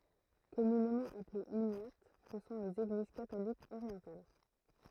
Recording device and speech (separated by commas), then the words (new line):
throat microphone, read sentence
Communément appelées uniates, ce sont les Églises catholiques orientales.